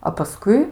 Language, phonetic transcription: Lithuanian, a paˈskui

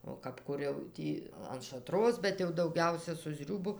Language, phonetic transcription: Lithuanian, o kap ˈkur jau ˈtį an šaˈtros bet jau dauˈgiausia su ˈzriūbu

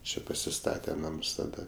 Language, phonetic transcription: Lithuanian, ˈčia pasiˈstate ˈnams taˈda

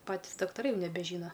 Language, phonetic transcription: Lithuanian, ˈpatys daktaˈrai nebeˈžyna

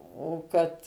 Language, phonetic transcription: Lithuanian, o ˈkad

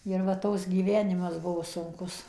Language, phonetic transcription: Lithuanian, ir va ˈtoks gyˈvenimas ˈbuvo sunˈkus

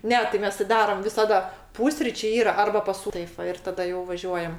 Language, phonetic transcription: Lithuanian, ˈne tai ˈmes ti ˈdaram visaˈda ˈpūsryčė ˈyra ˈarba pas ˈsū ˈtaip ˈva ir taˈda jau vaˈžiuojam

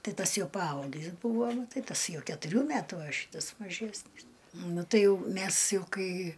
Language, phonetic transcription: Lithuanian, ˈtai ˈtas ˈjau paˈaugis ˈbūvo ˈnu ˈtai ˈtas ˈjau ketuˈrių ˈmætu a ˈšytas maˈžesnys ˈnu ˈtai jau ˈmæs ˈjau ˈkai

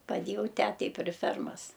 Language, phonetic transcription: Lithuanian, paˈdėjau ˈtetei pri ˈfermas

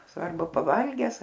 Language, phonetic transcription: Lithuanian, ˈsvarbu paˈvalges

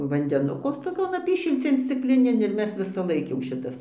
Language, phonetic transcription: Lithuanian, vandeˈnuko toˈkion ˈapyšilcėn scikˈlinėn ir ˈmes visaˈlaik jau ˈšitas

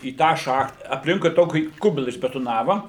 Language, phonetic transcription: Lithuanian, į ˈtą ˈšacht apˈlinkui ˈtokį ˈkubila išbetoˈnava

